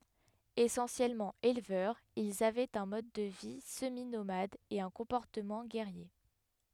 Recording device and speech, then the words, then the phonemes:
headset microphone, read sentence
Essentiellement éleveurs, ils avaient un mode de vie semi-nomade et un comportement guerrier.
esɑ̃sjɛlmɑ̃ elvœʁz ilz avɛt œ̃ mɔd də vi səminomad e œ̃ kɔ̃pɔʁtəmɑ̃ ɡɛʁje

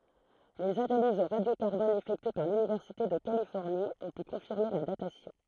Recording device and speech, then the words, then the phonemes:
throat microphone, read sentence
Les analyses au radio-carbone effectuées par l'Université de Californie ont pu confirmer la datation.
lez analizz o ʁadjo kaʁbɔn efɛktye paʁ lynivɛʁsite də kalifɔʁni ɔ̃ py kɔ̃fiʁme la datasjɔ̃

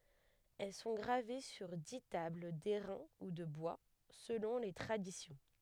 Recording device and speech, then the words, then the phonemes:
headset microphone, read sentence
Elles sont gravées sur dix tables d'airain ou de bois, selon les traditions.
ɛl sɔ̃ ɡʁave syʁ di tabl dɛʁɛ̃ u də bwa səlɔ̃ le tʁadisjɔ̃

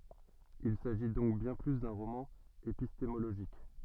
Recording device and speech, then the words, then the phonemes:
soft in-ear microphone, read sentence
Il s'agit donc bien plus d'un roman épistémologique.
il saʒi dɔ̃k bjɛ̃ ply dœ̃ ʁomɑ̃ epistemoloʒik

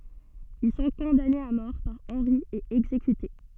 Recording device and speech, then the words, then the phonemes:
soft in-ear microphone, read sentence
Ils sont condamnés à mort par Henri et exécutés.
il sɔ̃ kɔ̃danez a mɔʁ paʁ ɑ̃ʁi e ɛɡzekyte

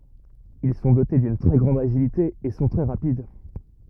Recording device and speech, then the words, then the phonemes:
rigid in-ear microphone, read sentence
Ils sont dotés d'une très grande agilité et sont très rapides.
il sɔ̃ dote dyn tʁɛ ɡʁɑ̃d aʒilite e sɔ̃ tʁɛ ʁapid

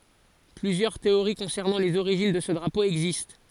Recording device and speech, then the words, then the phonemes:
forehead accelerometer, read sentence
Plusieurs théories concernant les origines de ce drapeau existent.
plyzjœʁ teoʁi kɔ̃sɛʁnɑ̃ lez oʁiʒin də sə dʁapo ɛɡzist

